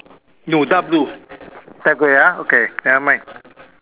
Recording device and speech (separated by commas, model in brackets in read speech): telephone, conversation in separate rooms